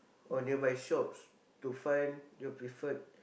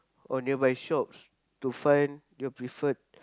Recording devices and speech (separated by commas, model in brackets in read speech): boundary microphone, close-talking microphone, conversation in the same room